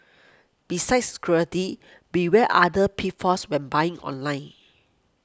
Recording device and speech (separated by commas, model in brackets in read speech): close-talking microphone (WH20), read sentence